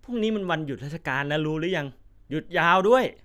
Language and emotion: Thai, neutral